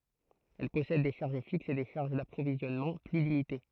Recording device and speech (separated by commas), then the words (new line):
throat microphone, read sentence
Elle possède des charges fixes et des charges d’approvisionnement plus limitées.